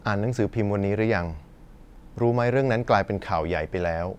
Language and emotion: Thai, neutral